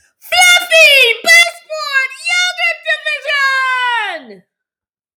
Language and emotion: English, disgusted